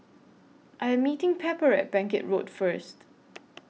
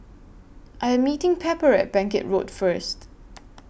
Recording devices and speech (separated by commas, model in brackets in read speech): mobile phone (iPhone 6), boundary microphone (BM630), read sentence